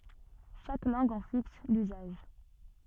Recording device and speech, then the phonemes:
soft in-ear microphone, read sentence
ʃak lɑ̃ɡ ɑ̃ fiks lyzaʒ

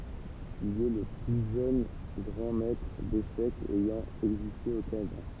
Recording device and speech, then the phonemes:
temple vibration pickup, read sentence
il ɛ lə ply ʒøn ɡʁɑ̃ mɛtʁ deʃɛkz ɛjɑ̃ ɛɡziste o kanada

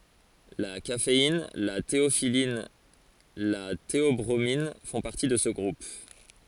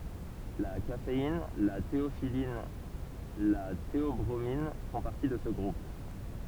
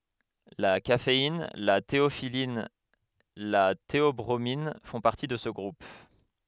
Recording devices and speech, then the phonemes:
forehead accelerometer, temple vibration pickup, headset microphone, read sentence
la kafein la teofilin la teɔbʁomin fɔ̃ paʁti də sə ɡʁup

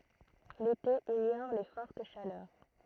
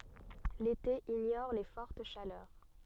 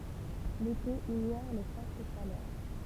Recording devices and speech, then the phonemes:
throat microphone, soft in-ear microphone, temple vibration pickup, read sentence
lete iɲɔʁ le fɔʁt ʃalœʁ

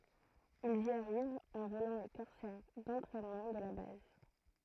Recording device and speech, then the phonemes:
throat microphone, read sentence
ilz i aʁivt ɑ̃ volɑ̃ le kɔʁsɛʁ dɑ̃tʁɛnmɑ̃ də la baz

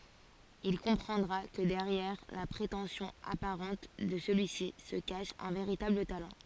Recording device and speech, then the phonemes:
forehead accelerometer, read sentence
il kɔ̃pʁɑ̃dʁa kə dɛʁjɛʁ la pʁetɑ̃sjɔ̃ apaʁɑ̃t də səlyi si sə kaʃ œ̃ veʁitabl talɑ̃

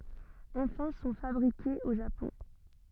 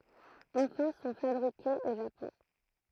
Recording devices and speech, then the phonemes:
soft in-ear microphone, throat microphone, read sentence
ɑ̃fɛ̃ sɔ̃ fabʁikez o ʒapɔ̃

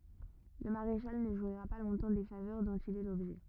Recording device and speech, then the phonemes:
rigid in-ear microphone, read sentence
lə maʁeʃal nə ʒwiʁa pa lɔ̃tɑ̃ de favœʁ dɔ̃t il ɛ lɔbʒɛ

